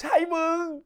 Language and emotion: Thai, happy